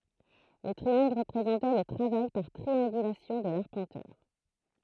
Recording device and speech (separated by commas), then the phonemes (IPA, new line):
throat microphone, read sentence
lə tʁiɑ̃ɡl ʁəpʁezɑ̃tɛ lə tʁavaj paʁ tʁiɑ̃ɡylasjɔ̃ də laʁpɑ̃tœʁ